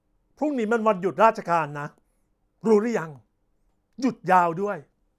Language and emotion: Thai, angry